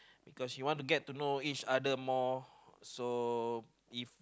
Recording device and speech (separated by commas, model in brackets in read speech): close-talking microphone, conversation in the same room